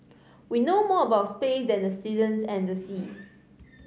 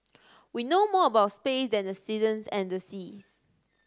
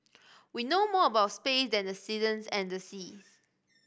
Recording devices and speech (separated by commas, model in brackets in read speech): mobile phone (Samsung C5010), standing microphone (AKG C214), boundary microphone (BM630), read sentence